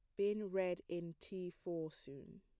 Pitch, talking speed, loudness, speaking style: 180 Hz, 165 wpm, -43 LUFS, plain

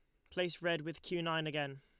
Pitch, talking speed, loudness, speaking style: 165 Hz, 245 wpm, -38 LUFS, Lombard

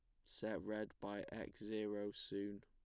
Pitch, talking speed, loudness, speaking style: 105 Hz, 150 wpm, -47 LUFS, plain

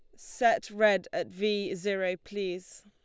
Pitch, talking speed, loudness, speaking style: 205 Hz, 135 wpm, -29 LUFS, Lombard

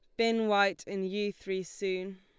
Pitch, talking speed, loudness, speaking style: 195 Hz, 180 wpm, -31 LUFS, Lombard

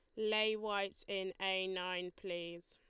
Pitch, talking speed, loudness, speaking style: 190 Hz, 145 wpm, -39 LUFS, Lombard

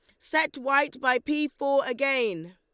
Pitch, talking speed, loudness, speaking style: 275 Hz, 155 wpm, -26 LUFS, Lombard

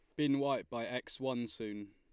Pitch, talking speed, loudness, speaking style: 120 Hz, 210 wpm, -37 LUFS, Lombard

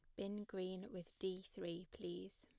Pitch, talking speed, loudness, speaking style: 185 Hz, 165 wpm, -49 LUFS, plain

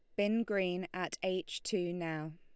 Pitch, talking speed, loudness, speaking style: 185 Hz, 165 wpm, -36 LUFS, Lombard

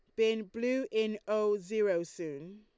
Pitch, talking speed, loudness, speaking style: 215 Hz, 150 wpm, -33 LUFS, Lombard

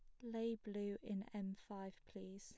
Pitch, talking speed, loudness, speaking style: 205 Hz, 170 wpm, -48 LUFS, plain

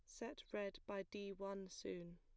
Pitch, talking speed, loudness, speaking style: 195 Hz, 185 wpm, -50 LUFS, plain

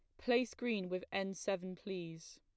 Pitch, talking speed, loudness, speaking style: 195 Hz, 165 wpm, -39 LUFS, plain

